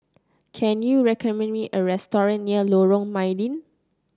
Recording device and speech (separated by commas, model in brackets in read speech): close-talking microphone (WH30), read sentence